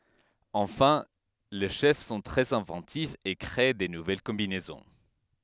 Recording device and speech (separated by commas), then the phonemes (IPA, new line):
headset microphone, read sentence
ɑ̃fɛ̃ le ʃɛf sɔ̃ tʁɛz ɛ̃vɑ̃tifz e kʁe də nuvɛl kɔ̃binɛzɔ̃